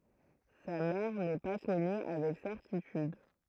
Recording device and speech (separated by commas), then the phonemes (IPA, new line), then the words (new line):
throat microphone, read sentence
sa mɛʁ nɛ pa kɔny avɛk sɛʁtityd
Sa mère n'est pas connue avec certitude.